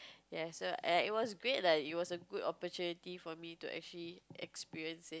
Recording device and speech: close-talking microphone, conversation in the same room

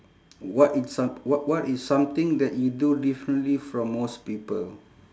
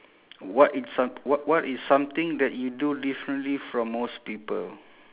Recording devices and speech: standing microphone, telephone, conversation in separate rooms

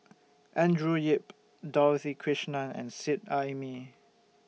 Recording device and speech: mobile phone (iPhone 6), read sentence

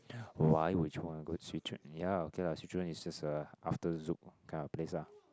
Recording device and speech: close-talking microphone, conversation in the same room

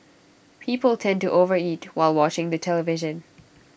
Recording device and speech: boundary microphone (BM630), read sentence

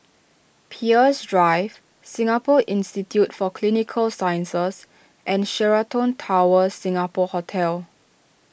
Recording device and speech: boundary microphone (BM630), read sentence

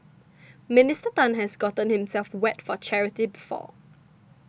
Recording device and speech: boundary microphone (BM630), read sentence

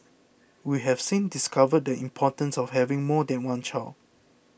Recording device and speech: boundary microphone (BM630), read sentence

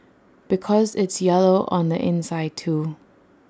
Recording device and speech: standing microphone (AKG C214), read sentence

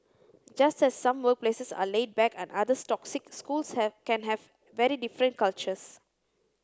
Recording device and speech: close-talking microphone (WH30), read sentence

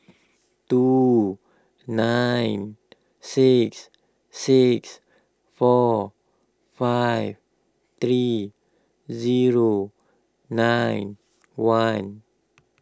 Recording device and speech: close-talking microphone (WH20), read sentence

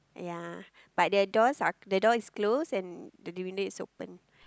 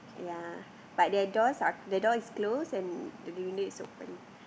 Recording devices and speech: close-talking microphone, boundary microphone, conversation in the same room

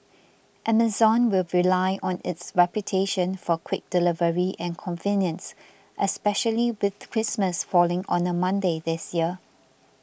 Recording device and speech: boundary microphone (BM630), read sentence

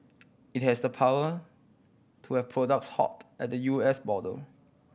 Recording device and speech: boundary microphone (BM630), read sentence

